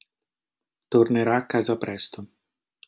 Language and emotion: Italian, neutral